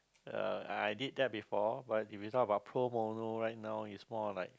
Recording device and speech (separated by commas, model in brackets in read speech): close-talking microphone, conversation in the same room